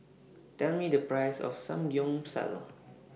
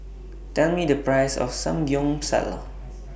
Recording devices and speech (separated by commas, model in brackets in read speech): mobile phone (iPhone 6), boundary microphone (BM630), read sentence